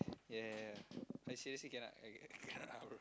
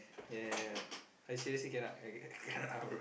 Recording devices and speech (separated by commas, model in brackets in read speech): close-talking microphone, boundary microphone, conversation in the same room